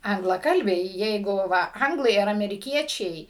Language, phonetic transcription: Lithuanian, anglaˈkalbiai ˈjeigu ˈva ˈanglai ar ameriˈkiečiai

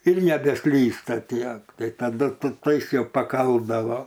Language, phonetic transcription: Lithuanian, ir nebeˈslysta ˈtiek ˈtai taˈdu tu ˈtais ˈjau paˈkaldavo

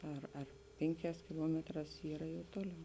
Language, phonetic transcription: Lithuanian, ˈar ar ˈpėnˌkēs kiˈluometˌrās ˈyra jau ˈtoˌliau

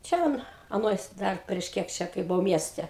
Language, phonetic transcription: Lithuanian, ˈčia an aˈnoj ˈdar prieš ˈkiek čia kai buˈau ˈmieste

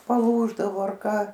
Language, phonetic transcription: Lithuanian, paˈlūždavo ar ˈka

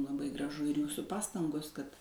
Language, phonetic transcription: Lithuanian, laˈbai graˈžu ir ˈjūsu ˈpastangos kad

